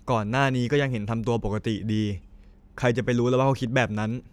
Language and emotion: Thai, neutral